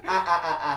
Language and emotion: Thai, frustrated